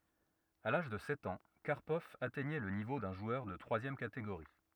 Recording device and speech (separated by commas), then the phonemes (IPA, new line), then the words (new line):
rigid in-ear microphone, read sentence
a laʒ də sɛt ɑ̃ kaʁpɔv atɛɲɛ lə nivo dœ̃ ʒwœʁ də tʁwazjɛm kateɡoʁi
À l'âge de sept ans, Karpov atteignait le niveau d'un joueur de troisième catégorie.